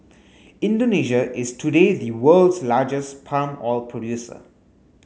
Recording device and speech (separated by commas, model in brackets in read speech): mobile phone (Samsung S8), read sentence